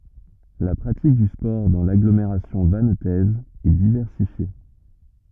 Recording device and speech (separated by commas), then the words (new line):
rigid in-ear microphone, read sentence
La pratique du sport dans l'agglomération vannetaise est diversifiée.